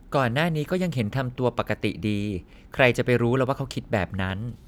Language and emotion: Thai, neutral